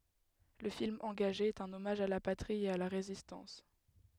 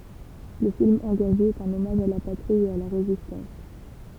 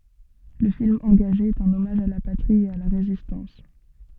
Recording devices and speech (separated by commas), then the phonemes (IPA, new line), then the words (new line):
headset microphone, temple vibration pickup, soft in-ear microphone, read sentence
lə film ɑ̃ɡaʒe ɛt œ̃n ɔmaʒ a la patʁi e a la ʁezistɑ̃s
Le film engagé est un hommage à la patrie et à la Résistance.